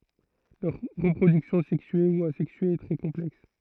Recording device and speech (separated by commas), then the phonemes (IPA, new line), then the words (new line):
throat microphone, read sentence
lœʁ ʁəpʁodyksjɔ̃ sɛksye u azɛksye ɛ tʁɛ kɔ̃plɛks
Leur reproduction sexuée ou asexuée est très complexe.